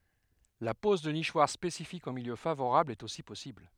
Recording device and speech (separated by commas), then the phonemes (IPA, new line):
headset microphone, read sentence
la pɔz də niʃwaʁ spesifikz ɑ̃ miljø favoʁabl ɛt osi pɔsibl